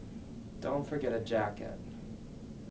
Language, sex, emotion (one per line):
English
male
neutral